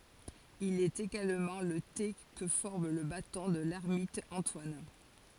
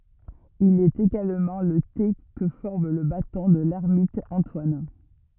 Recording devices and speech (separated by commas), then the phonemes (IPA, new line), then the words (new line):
forehead accelerometer, rigid in-ear microphone, read sentence
il ɛt eɡalmɑ̃ lə te kə fɔʁm lə batɔ̃ də lɛʁmit ɑ̃twan
Il est également le T que forme le Bâton de l'ermite Antoine.